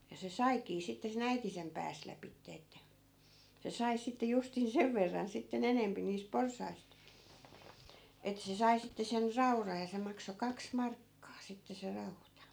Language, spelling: Finnish, ja se saikin sitten sen äiti sen pääsi lävitse että se sai sitten justiin sen verran sitten enempi niistä porsaista että se sai sitten sen raudan ja se maksoi kaksi markkaa sitten se rauta
- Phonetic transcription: ja se "saikii sitte se'n ‿äiti sem 'pääs 'läpitte että , se 'sai sitte justin "sev verran sitte'n ‿enempi niis 'porsaist , ettᵃ̈ se 'sai sitte sen 'rauraj ja 'se makso "kaks "markkaa 'sitte se 'rauta .

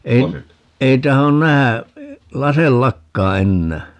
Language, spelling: Finnish, en ei tahdo nähdä laseillakaan enää
- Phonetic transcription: 'em , 'ei 'tahon "nähä , 'laseⁱl"lakkaa 'ennää .

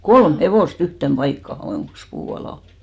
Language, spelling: Finnish, kolme hevosta yhteen paikkaan johonkin puun alle
- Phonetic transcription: "kolm 'hevòs"t ‿yhtem 'ʙaikkaha johòŋkkis 'puu alà .

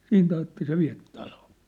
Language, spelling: Finnish, siitä ajatte se vie taloon
- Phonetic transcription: 'siint ‿ajatte 'se viä̭p 'taloo . «

